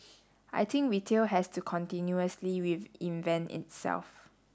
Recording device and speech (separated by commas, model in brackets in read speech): standing microphone (AKG C214), read sentence